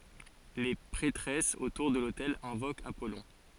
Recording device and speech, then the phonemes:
forehead accelerometer, read sentence
le pʁɛtʁɛsz otuʁ də lotɛl ɛ̃vokt apɔlɔ̃

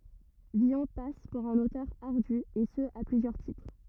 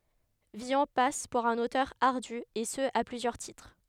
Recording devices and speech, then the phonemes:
rigid in-ear microphone, headset microphone, read sentence
vilɔ̃ pas puʁ œ̃n otœʁ aʁdy e sə a plyzjœʁ titʁ

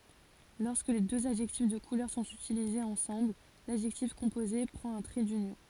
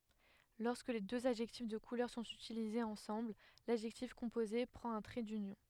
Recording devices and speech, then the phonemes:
forehead accelerometer, headset microphone, read sentence
lɔʁskə døz adʒɛktif də kulœʁ sɔ̃t ytilizez ɑ̃sɑ̃bl ladʒɛktif kɔ̃poze pʁɑ̃t œ̃ tʁɛ dynjɔ̃

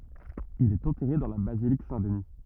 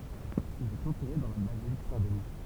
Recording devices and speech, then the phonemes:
rigid in-ear microphone, temple vibration pickup, read sentence
il ɛt ɑ̃tɛʁe dɑ̃ la bazilik sɛ̃tdni

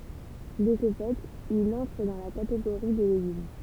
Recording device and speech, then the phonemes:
temple vibration pickup, read sentence
də sə fɛt il ɑ̃tʁ dɑ̃ la kateɡoʁi de leɡym

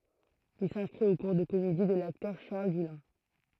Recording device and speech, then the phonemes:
throat microphone, read sentence
il sɛ̃skʁit o kuʁ də komedi də laktœʁ ʃaʁl dylɛ̃

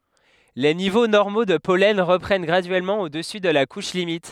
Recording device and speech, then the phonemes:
headset microphone, read sentence
le nivo nɔʁmo də pɔlɛn ʁəpʁɛn ɡʁadyɛlmɑ̃ odəsy də la kuʃ limit

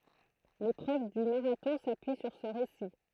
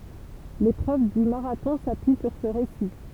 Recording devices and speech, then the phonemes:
throat microphone, temple vibration pickup, read sentence
lepʁøv dy maʁatɔ̃ sapyi syʁ sə ʁesi

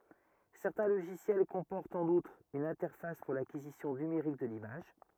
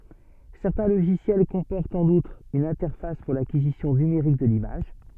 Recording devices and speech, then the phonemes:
rigid in-ear microphone, soft in-ear microphone, read sentence
sɛʁtɛ̃ loʒisjɛl kɔ̃pɔʁtt ɑ̃n utʁ yn ɛ̃tɛʁfas puʁ lakizisjɔ̃ nymeʁik də limaʒ

